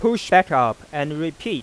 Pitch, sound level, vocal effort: 165 Hz, 96 dB SPL, loud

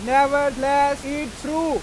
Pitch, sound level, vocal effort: 280 Hz, 100 dB SPL, very loud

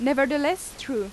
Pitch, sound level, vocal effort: 275 Hz, 90 dB SPL, loud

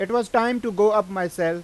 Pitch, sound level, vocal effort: 210 Hz, 96 dB SPL, very loud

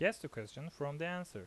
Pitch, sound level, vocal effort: 160 Hz, 84 dB SPL, normal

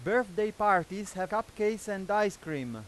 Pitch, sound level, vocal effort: 205 Hz, 99 dB SPL, very loud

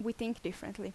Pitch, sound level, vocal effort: 180 Hz, 79 dB SPL, normal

